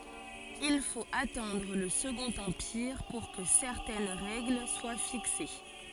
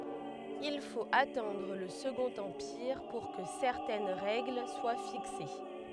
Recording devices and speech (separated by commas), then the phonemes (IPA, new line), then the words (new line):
forehead accelerometer, headset microphone, read sentence
il fot atɑ̃dʁ lə səɡɔ̃t ɑ̃piʁ puʁ kə sɛʁtɛn ʁɛɡl swa fikse
Il faut attendre le Second Empire pour que certaines règles soient fixées.